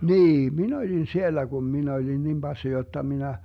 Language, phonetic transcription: Finnish, 'niim "min ‿oĺin 'siellä Gum 'min ‿oĺin 'nim Bassi 'jotta 'minä ,.
- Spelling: niin minä olin siellä kun minä olin niin passi jotta minä

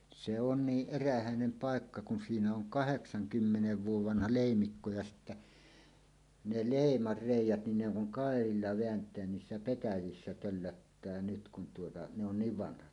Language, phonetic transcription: Finnish, 'se on 'niiˀ "ˀerähä̀enem "páekka kun 'siinä oŋ "kaheksaŋkymmenev 'vuov 'vanha "lèimikko ja sittä , ne "lèimar 'rèij̆jät nin ne ‿oŋ kuŋ 'kàerilla 'veänt̀eän "niissä 'petäjissä töllöttää nyt kun tuota , ne ‿on "niiv 'vanhat .
- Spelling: se on niin erähäinen paikka kun siinä on kahdeksankymmenen vuoden vanha leimikko ja sitten ne leiman reiät niin ne on kun kairalla vääntää niissä petäjissä töllöttää nyt kun tuota ne on niin vanhat

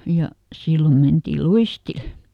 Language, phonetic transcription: Finnish, ja , ˈsillo mentii "luistil .
- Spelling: ja silloin mentiin luistille

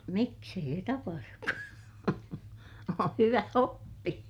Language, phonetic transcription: Finnish, miks ‿ei se tapahruk (ku on) , oo̰ hyvä oppi .
- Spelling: miksi ei se tapahdu kun on on hyvä oppi

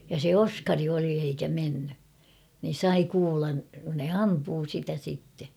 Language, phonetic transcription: Finnish, ja se "Oskari oli eikä 'menny , nin̬ "sai 'kuulan , ne "ampuu 'sitä sitte .
- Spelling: ja se Oskari oli eikä mennyt niin sai kuulan ne ampui sitä sitten

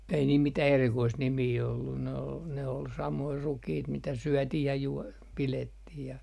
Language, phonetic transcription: Finnish, ei niil mitäh erikoist 'nimii ollun ne ol 'samoi 'rukiit mitä "syötih ja 'juo- , 'pilettih ja .
- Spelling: ei niillä mitään erikoista nimeä ollut ne oli samoja rukiita mitä syötiin ja - pidettiin ja

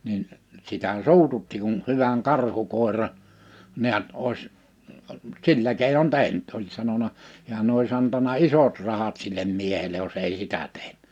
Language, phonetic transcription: Finnish, nin , 'sitä "suututti kun 'hyväŋ "karhukòera" , 'ni̬ät 'òi̬s , "sillä kèinon "tehn(y)t oĺ sanona , 'hi̬än ‿ois antana "’isot 'rahat sillem 'miehele (j)os ei "sitä 'teh[nyt] .
- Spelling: niin sitä suututti kun hyvän karhukoiran näet olisi sillä keinon tehnyt oli sanonut hän olisi antanut isot rahat sille miehelle jos ei sitä tehnyt

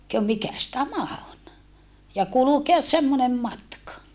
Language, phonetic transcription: Finnish, » kö mikäs tämä on » , ja kulukeas semmonem matka .
- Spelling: kun mikäs tämä on ja kulkea semmoinen matka

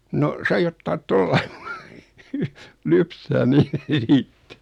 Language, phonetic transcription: Finnish, no , 'sai ottaat 'tollᴀɪ , 'lypsää niit .
- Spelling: no sai ottaa tuolla lailla lypsää niitä

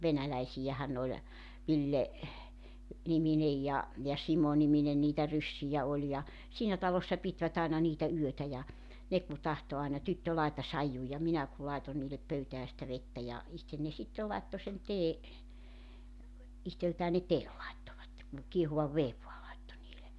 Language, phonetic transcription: Finnish, 'venäläisijähän nᵉ ‿oĺ , 'Ville , -'niminej ja , ja 'Simonimine niitä 'ryssijä oĺ ja , 'siinä talossa 'pitvät ‿aina niitä 'yötä ja , 'ne ku 'tahto aina » 'tyttö 'laeta "saijju « ja 'minä ku 'laeton niilep 'pöytää sⁱtä 'vettä ja , 'ihten ne 'sittel 'laetto sen 'tee , 'ihteltää ne "teel laettovatte ku , 'kiehuvav "veev voa laitto niile .
- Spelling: venäläisiähän ne oli Ville niminen ja ja Simo-niminen niitä ryssiä oli ja siinä talossa pitivät aina niitä yötä ja ne kun tahtoi aina tyttö laita saiju ja minä kun laitoin niille pöytään sitä vettä ja itse ne sitten laittoi sen teen itseltään ne teen laittoivat kun kiehuvan veden vain laittoi niille

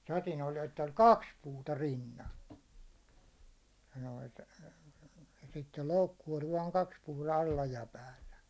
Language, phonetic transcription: Finnish, satin oĺ ett ‿oĺ "kaks puuta 'rinnan̬ , ja noit , ja sittel 'loukku oĺ vaaŋ 'kaks puuta 'alla ja 'päällä .
- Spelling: sadin oli että oli kaksi puuta rinnan ja noita ja sitten loukku oli vain kaksi puuta alla ja päällä

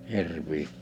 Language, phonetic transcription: Finnish, 'hirvii .
- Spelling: hirviä

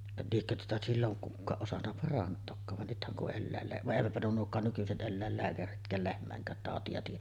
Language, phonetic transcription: Finnish, liekkö tuota 'silloŋ kukkaaˀ ˀosanna "parant̆tookkaav van nythäŋ kuˀ 'ˀellä̀ellää- , vaˀ 'ˀèivätpä nuo nuok̆kaan nykyset 'ˀelläel"lääkäritk̀ääl lehm̀ä̀eŋk̀äät tàoti₍a tiij̆jä .
- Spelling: liekö tuota silloin kukaan osannut parantaakaan vaan nythän kun - vaan eivätpä nuo nuokaan nykyiset eläinlääkäritkään lehmienkään tauteja tiedä

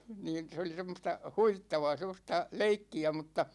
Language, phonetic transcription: Finnish, 'niin , 'se oli 'sem̆mosta , 'huvittavaa 'sem̆mosta , "leikki₍ä mutta ,.
- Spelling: niin se oli semmoista huvittavaa semmoista leikkiä mutta

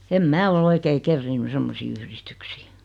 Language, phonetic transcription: Finnish, 'em "mää ol 'oikei "kerriinny 'semmosii yhristyksii .
- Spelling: en minä ole oikein kerinnyt semmoisiin yhdistyksiin

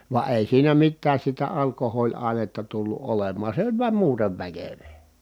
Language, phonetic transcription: Finnish, va èi siinä mittääs sitä alkohooĺ₍ài̮netta tullu ʼolemmaan̬ se oĺ vuam muutev väkövee .
- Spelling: vaan ei siinä mitään sitä alkoholiainetta tullut olemaan se oli vain muuten väkevää

